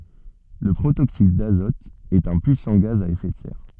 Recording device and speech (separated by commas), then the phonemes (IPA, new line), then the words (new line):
soft in-ear microphone, read sentence
lə pʁotoksid dazɔt ɛt œ̃ pyisɑ̃ ɡaz a efɛ də sɛʁ
Le protoxyde d'azote est un puissant gaz à effet de serre.